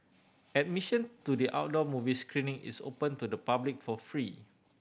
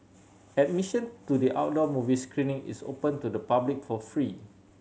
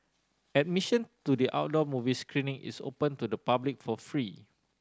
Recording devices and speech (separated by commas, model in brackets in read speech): boundary microphone (BM630), mobile phone (Samsung C7100), standing microphone (AKG C214), read sentence